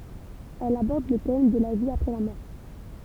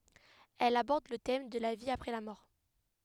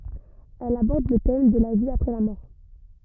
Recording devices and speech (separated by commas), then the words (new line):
temple vibration pickup, headset microphone, rigid in-ear microphone, read sentence
Elle aborde le thème de la vie après la mort.